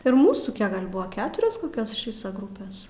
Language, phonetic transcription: Lithuanian, ir ˈmūsų ˈkiek gal' ˈbua ˈketurios koˈkios iš ˈvisa ˈgrupės

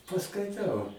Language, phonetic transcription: Lithuanian, paskaiˈtau

